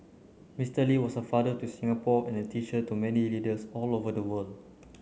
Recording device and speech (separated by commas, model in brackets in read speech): mobile phone (Samsung C9), read sentence